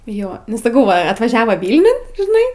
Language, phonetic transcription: Lithuanian, ˈjo nu saˈkau va atvaˈžiavo ˈvylniun žiˈnai

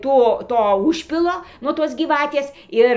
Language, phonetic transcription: Lithuanian, ˈto ˈto ˈužpilo nuo ˈtos gyˈvatės ˈir

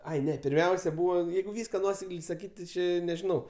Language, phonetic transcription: Lithuanian, ˈai ˈne pirˈmiausia ˈbūva ˈjeigu ˈvyska ˈnuosekliai saˈkyt' ti ˈčė nežiˈnau

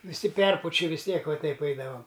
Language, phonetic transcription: Lithuanian, viˈsi ˈperpuči vis ˈtiek va ˈteip ˈaidavam

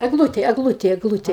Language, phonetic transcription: Lithuanian, egˈlutė egˈlutė egˈlutė

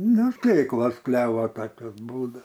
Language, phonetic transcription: Lithuanian, ˈnu ˈtėklos ˈklevo ˈtakios ˈbūda

